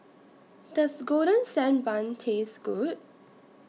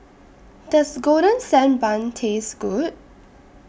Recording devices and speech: mobile phone (iPhone 6), boundary microphone (BM630), read sentence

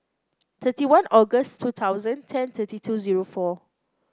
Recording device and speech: close-talking microphone (WH30), read sentence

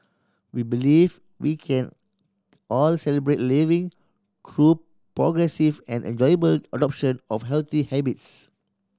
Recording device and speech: standing microphone (AKG C214), read sentence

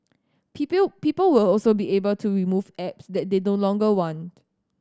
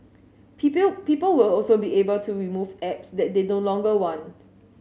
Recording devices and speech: standing microphone (AKG C214), mobile phone (Samsung S8), read sentence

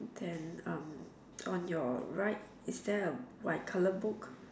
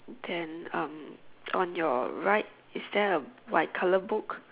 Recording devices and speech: standing microphone, telephone, conversation in separate rooms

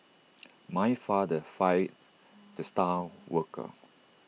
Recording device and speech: mobile phone (iPhone 6), read sentence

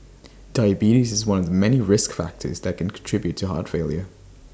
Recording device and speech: standing microphone (AKG C214), read sentence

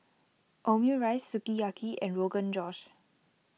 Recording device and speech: mobile phone (iPhone 6), read sentence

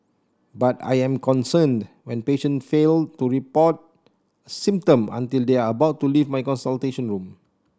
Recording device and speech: standing microphone (AKG C214), read sentence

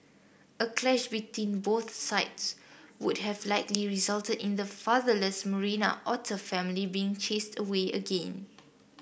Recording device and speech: boundary microphone (BM630), read sentence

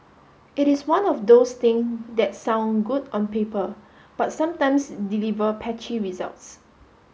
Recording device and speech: mobile phone (Samsung S8), read sentence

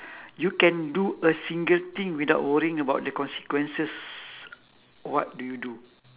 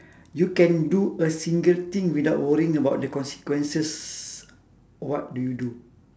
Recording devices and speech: telephone, standing microphone, conversation in separate rooms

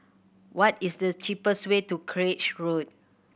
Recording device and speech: boundary microphone (BM630), read sentence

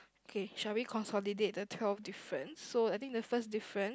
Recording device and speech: close-talking microphone, conversation in the same room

